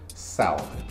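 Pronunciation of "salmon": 'Salmon' is pronounced incorrectly here.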